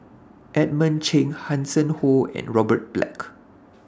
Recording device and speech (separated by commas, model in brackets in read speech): standing microphone (AKG C214), read sentence